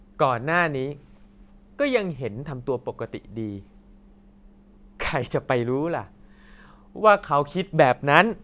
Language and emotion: Thai, happy